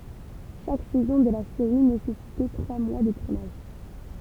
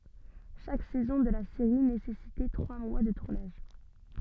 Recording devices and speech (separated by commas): temple vibration pickup, soft in-ear microphone, read sentence